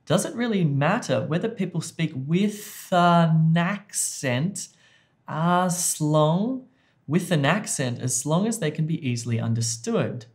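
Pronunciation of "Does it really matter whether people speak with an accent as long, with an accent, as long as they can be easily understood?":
The words are linked together as they are said, as in 'does it'.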